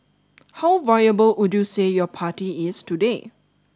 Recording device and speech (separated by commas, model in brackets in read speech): standing microphone (AKG C214), read sentence